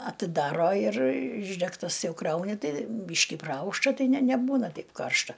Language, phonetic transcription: Lithuanian, atiˈdaro ir ˈišdegtas ˈjau ˈkrauni ˈtai ˈbyški praˈaušta ˈtai ne neˈbūna ˈtaip ˈkaršta

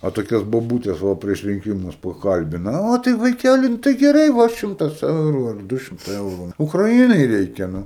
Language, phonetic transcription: Lithuanian, a toˈkias boˈbūtes va prieš rinˈkimus paˈkalbina ˈo tai vaiˈkæli nu ˈtai geˈrai ˈva ˈšimtas ˈeuru ar ˈdu šimˈtai ˈeuru ukraˈinai ˈreikia ˈnu

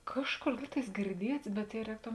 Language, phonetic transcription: Lithuanian, ˈkažˌkor ˈlyg tais girˈdiets bet jei ˈrēktom

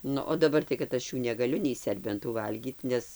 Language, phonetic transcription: Lithuanian, ˈnu o daˈbar tai kad ˈaš jų negaˈliu nei ˈserbentų ˈvalgyt ˈnes

